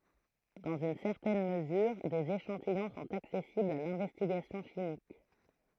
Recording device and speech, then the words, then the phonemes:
throat microphone, read sentence
Dans une certaine mesure, des échantillons sont accessibles à l'investigation chimique.
dɑ̃z yn sɛʁtɛn məzyʁ dez eʃɑ̃tijɔ̃ sɔ̃t aksɛsiblz a lɛ̃vɛstiɡasjɔ̃ ʃimik

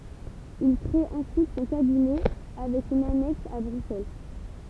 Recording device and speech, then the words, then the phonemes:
temple vibration pickup, read sentence
Il créé ensuite son cabinet avec une annexe à Bruxelles.
il kʁee ɑ̃syit sɔ̃ kabinɛ avɛk yn anɛks a bʁyksɛl

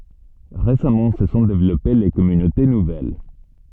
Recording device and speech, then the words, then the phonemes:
soft in-ear microphone, read sentence
Récemment, se sont développées les communautés nouvelles.
ʁesamɑ̃ sə sɔ̃ devlɔpe le kɔmynote nuvɛl

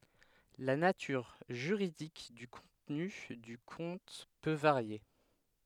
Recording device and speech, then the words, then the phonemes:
headset microphone, read sentence
La nature juridique du contenu du compte peux varier.
la natyʁ ʒyʁidik dy kɔ̃tny dy kɔ̃t pø vaʁje

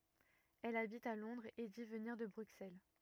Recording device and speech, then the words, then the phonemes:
rigid in-ear microphone, read sentence
Elle habite à Londres et dit venir de Bruxelles.
ɛl abit a lɔ̃dʁz e di vəniʁ də bʁyksɛl

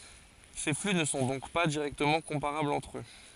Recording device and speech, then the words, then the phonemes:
forehead accelerometer, read sentence
Ces flux ne sont donc pas directement comparables entre eux.
se fly nə sɔ̃ dɔ̃k pa diʁɛktəmɑ̃ kɔ̃paʁablz ɑ̃tʁ ø

